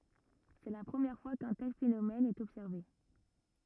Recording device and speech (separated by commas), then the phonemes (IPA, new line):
rigid in-ear microphone, read sentence
sɛ la pʁəmjɛʁ fwa kœ̃ tɛl fenomɛn ɛt ɔbsɛʁve